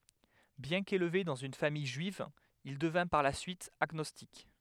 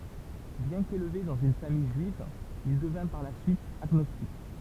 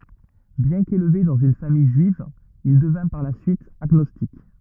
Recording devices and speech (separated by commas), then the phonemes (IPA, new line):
headset microphone, temple vibration pickup, rigid in-ear microphone, read sentence
bjɛ̃ kelve dɑ̃z yn famij ʒyiv il dəvɛ̃ paʁ la syit aɡnɔstik